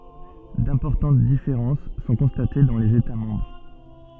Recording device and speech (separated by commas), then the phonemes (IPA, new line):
soft in-ear microphone, read sentence
dɛ̃pɔʁtɑ̃t difeʁɑ̃s sɔ̃ kɔ̃state dɑ̃ lez eta mɑ̃bʁ